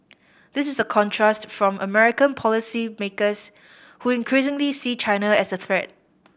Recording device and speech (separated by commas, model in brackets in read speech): boundary microphone (BM630), read sentence